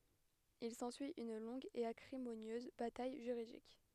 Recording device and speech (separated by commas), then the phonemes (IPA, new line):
headset microphone, read sentence
il sɑ̃syi yn lɔ̃ɡ e akʁimonjøz bataj ʒyʁidik